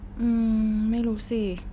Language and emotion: Thai, neutral